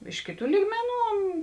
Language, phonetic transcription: Lithuanian, ˈiš kėˌtų ˈlygmeˌnų

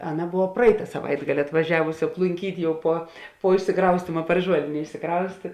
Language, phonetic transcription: Lithuanian, ˈaˌna ˈbova ˈpraita saˈvaitgali atvaˈžiavusi aplunˈkyt' ˈjau puo puo išsiˈkraustyma par ˈžuolėnė išsiˈkraustė

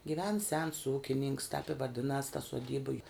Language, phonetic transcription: Lithuanian, giˈven sens ˈūkininks tep i vaˈdinas ta suoˈdyba ju

